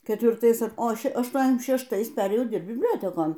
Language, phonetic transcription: Lithuanian, ketvirˈtais o ˈše ašˌtuoniasˈdešim šešˈtais ˈperėjau ˈdirbt bibˈliotekon

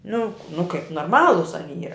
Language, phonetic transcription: Lithuanian, nu nu kaip norˈmalus aˈny ˈyra

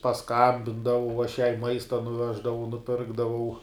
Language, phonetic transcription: Lithuanian, pasˈkambindavau aš jai ˈmaista nuˈveždavau nuˈpirkdavau

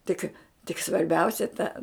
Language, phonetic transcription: Lithuanian, ˈtik tik svarˈbiausia ta

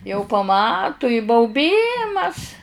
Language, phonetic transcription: Lithuanian, jau paˈmatu i bauˈbymas

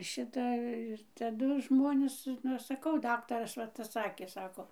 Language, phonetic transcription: Lithuanian, ˈšita ir taˈdu žmoˈnės nu ˈaš saˈkau ˈdaktaras va ˈtas ˈsakė ˈsako

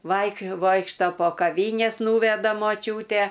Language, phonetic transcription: Lithuanian, ˈvaik ˈvoikšta po kaˈvynes ˈnūveda moˈčiūte

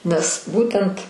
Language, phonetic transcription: Lithuanian, nes ˈbūtent

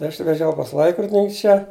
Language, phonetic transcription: Lithuanian, i ˈaš veˈžiau pas ˈlaikrodinink' ˈčia

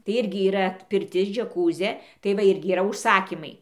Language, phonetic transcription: Lithuanian, tai ˈirgi yˈra pirˈtis džeˈkūzė tai ˈva ˈirgi yˈra užˈsakymai

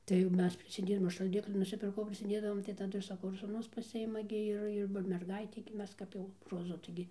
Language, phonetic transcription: Lithuanian, tai ˈmes prisiˈdėdavom aš šalˈdikli nusiˈpirkau prisiˈdėdavom tai taˈdu ir saˈkau ir sūˈnus paˈsiima gi ˈir ir ˈva merˈgaitei gi ˈmes ˈkap jau roˈzu taiˈgi

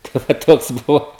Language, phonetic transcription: Lithuanian, tai va ˈtoks ˈbuvo

